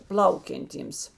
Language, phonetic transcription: Lithuanian, ˈplaukianˌtyms

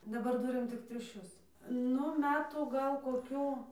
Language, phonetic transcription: Lithuanian, daˈbar ˈturim ˈtik triuˈšius ˈnu ˈmetų ˈgal koˈkių

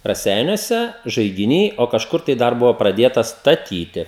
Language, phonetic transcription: Lithuanian, raˈseiniuose žaigiˈny o kažˈkur tai ˈdar ˈbuvo praˈdėtas staˈtyti

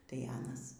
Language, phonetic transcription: Lithuanian, tai ˈanas

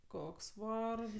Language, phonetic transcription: Lithuanian, ˈkoks ˈvargs

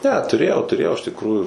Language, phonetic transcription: Lithuanian, ne tuˈrėjau tuˈrėjau iš tikˈrųjų

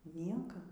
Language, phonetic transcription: Lithuanian, ˈnieka

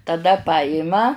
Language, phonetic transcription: Lithuanian, taˈda ˈpajima

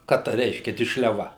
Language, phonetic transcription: Lithuanian, ˈką ˈta ˈreiškia dišliaˈva

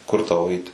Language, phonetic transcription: Lithuanian, ˈkur tau ˈeit

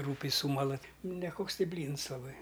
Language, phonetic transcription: Lithuanian, ˈrūpiai ˈsūmala ˈti neˈkoks ˈti ˈblyns laˈbai

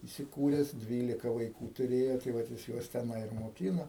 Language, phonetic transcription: Lithuanian, įsiˈkūres ˈdvylika vaiˈkų tuˈrėjo tai ˈvat jis ˈjuos teˈnai ir moˈkyno

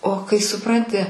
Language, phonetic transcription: Lithuanian, o kai suˈpranti

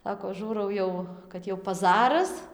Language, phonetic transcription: Lithuanian, ˈsako ˈžūrau jau kad ˈjau paˈzaras

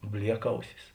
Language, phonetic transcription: Lithuanian, ˈbliekˌausis

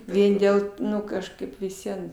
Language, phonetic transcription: Lithuanian, ˈvien dėl ˈnu kažˈkaip vis ˈvien

